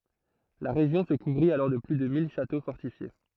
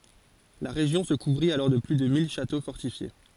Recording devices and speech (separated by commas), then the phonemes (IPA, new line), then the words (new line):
throat microphone, forehead accelerometer, read sentence
la ʁeʒjɔ̃ sə kuvʁit alɔʁ də ply də mil ʃato fɔʁtifje
La région se couvrit alors de plus de mille châteaux fortifiés.